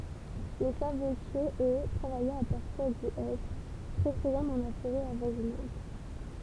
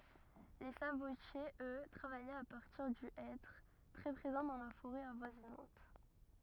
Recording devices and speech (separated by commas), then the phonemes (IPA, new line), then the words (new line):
temple vibration pickup, rigid in-ear microphone, read sentence
le sabotjez ø tʁavajɛt a paʁtiʁ dy ɛtʁ tʁɛ pʁezɑ̃ dɑ̃ la foʁɛ avwazinɑ̃t
Les sabotiers, eux, travaillaient à partir du hêtre, très présent dans la forêt avoisinante.